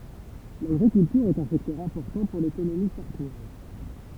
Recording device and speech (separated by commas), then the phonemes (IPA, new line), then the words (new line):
temple vibration pickup, read sentence
laɡʁikyltyʁ ɛt œ̃ sɛktœʁ ɛ̃pɔʁtɑ̃ puʁ lekonomi saʁtwaz
L'agriculture est un secteur important pour l'économie sarthoise.